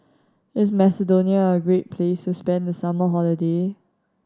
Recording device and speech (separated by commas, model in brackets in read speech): standing microphone (AKG C214), read sentence